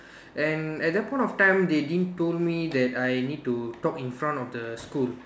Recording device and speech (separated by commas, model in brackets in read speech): standing microphone, conversation in separate rooms